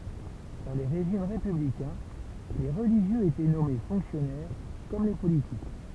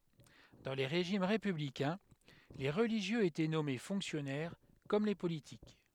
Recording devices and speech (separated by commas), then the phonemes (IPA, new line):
temple vibration pickup, headset microphone, read sentence
dɑ̃ le ʁeʒim ʁepyblikɛ̃ le ʁəliʒjøz etɛ nɔme fɔ̃ksjɔnɛʁ kɔm le politik